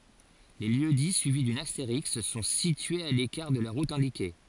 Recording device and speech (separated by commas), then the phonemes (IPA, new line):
forehead accelerometer, read sentence
le ljøksdi syivi dyn asteʁisk sɔ̃ sityez a lekaʁ də la ʁut ɛ̃dike